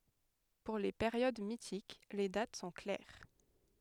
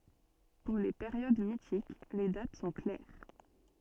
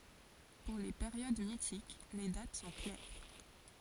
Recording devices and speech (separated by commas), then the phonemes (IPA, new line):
headset microphone, soft in-ear microphone, forehead accelerometer, read sentence
puʁ le peʁjod mitik le dat sɔ̃ klɛʁ